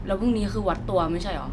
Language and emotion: Thai, neutral